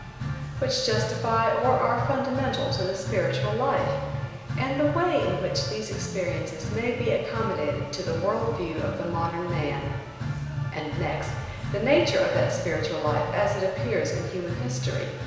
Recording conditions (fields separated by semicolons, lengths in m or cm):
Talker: one person; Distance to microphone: 1.7 m; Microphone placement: close; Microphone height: 1.0 m; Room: very reverberant, large; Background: music